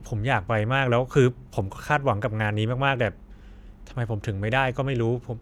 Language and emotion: Thai, frustrated